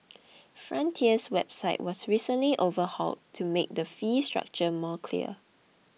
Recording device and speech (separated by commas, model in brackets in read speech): mobile phone (iPhone 6), read sentence